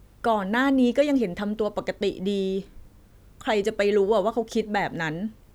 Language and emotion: Thai, neutral